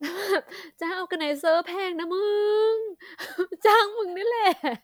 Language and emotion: Thai, happy